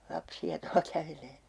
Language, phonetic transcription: Finnish, 'lapsi₍a 'tua kävelee .
- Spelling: lapsia tuolla kävelee

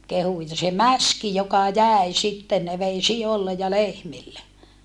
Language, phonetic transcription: Finnish, kehu ja se mäski joka jä̀i sitten ne vei si₍ollej ja lehmille .
- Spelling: kehui ja se mäski joka jäi sitten ne vei sioille ja lehmille

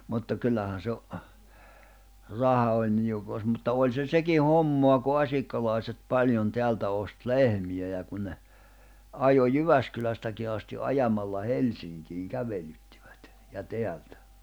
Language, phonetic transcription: Finnish, mutta 'kyllähän̬ se , 'raha oĺ niukòi̬s mutta 'òĺ se 'seki "hommoa ku 'asikkalàiset 'paĺjon 'teältä ost "lehmi₍ä ja kun ne , 'ajo "Jyväskylästäki asti "’ajamalla "Helsiŋkiiŋ 'kävelyttɪᴠᴀ̈t , ja 'teältᴀ̈ .
- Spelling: mutta kyllähän se raha oli niukoissa mutta oli se sekin hommaa kun asikkalalaiset paljon täältä osti lehmiä ja kun ne ajoi Jyväskylästäkin asti ajamalla Helsinkiin kävelyttivät ja täältä

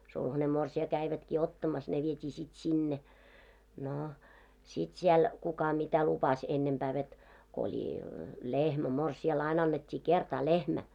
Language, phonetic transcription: Finnish, sulhane morsi₍a 'käivätkii "ottamas ne viet́ii sit "sinne , 'nò , sit siɛl , 'kuka mitä lupas , 'ennempää vet , ko oĺi , "lehmä 'morsi₍a"l ‿ain 'annet́t́ii 'kertaa 'lehmä .
- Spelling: sulhanen morsian kävivätkin ottamassa ne vietiin sitten sinne no sitten siellä kuka mitä lupasi ennempää veti kun oli lehmä morsiamelle aina annettiin kertaa lehmä

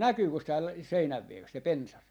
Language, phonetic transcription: Finnish, "näkyykös tääl , 'seinäv vieres se "pensas ?
- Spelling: näkyykös täällä seinän vieressä se pensas

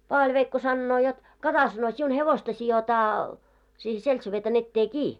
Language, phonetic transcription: Finnish, 'Paavaĺveikko sannoo jot , » 'kata « sano , » siun 'hevosta sijotaa , siihe 'seltseveetan ettee "kii « .
- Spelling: Paavali-veikko sanoo jotta kata sanoi sinun hevosta sidotaan siihen seltseveetan eteen kiinni

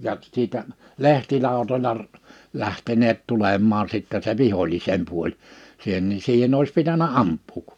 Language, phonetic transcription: Finnish, ja , siitä , 'lehtilàotoĺa r- , 'lähteneet 'tulem̆maa sìttä se "vihoĺisem 'puoĺ , sìhen ni 'siihenn ‿òis pitänä "amp̆puuk .
- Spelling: ja siitä lehtilautoilla - lähteneet tulemaan sitten se vihollisen puoli siihen niin siihen olisi pitänyt ampua

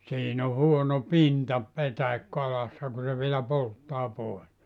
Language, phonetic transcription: Finnish, 'siin ‿o 'huono "pinta , 'petäikkö₍alassa ku se vielä "polttaa 'pòe(s) .
- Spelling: siinä on huono pinta petäikköalassa kun se vielä polttaa pois

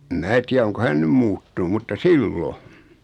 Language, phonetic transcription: Finnish, ᵉm 'mää tiä oŋko hän 'nym 'muuttu(nu)m mutta "sillo .
- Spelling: en minä tiedä onko hän nyt muuttunut mutta silloin

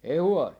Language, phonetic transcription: Finnish, 'ei "huɔli .
- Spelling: ei huoli

